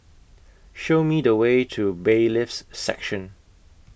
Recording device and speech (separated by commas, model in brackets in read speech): boundary microphone (BM630), read sentence